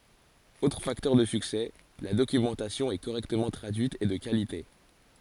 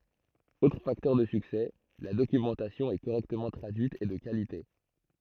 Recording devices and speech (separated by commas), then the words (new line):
forehead accelerometer, throat microphone, read sentence
Autre facteur de succès, la documentation est correctement traduite et de qualité.